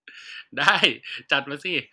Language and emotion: Thai, happy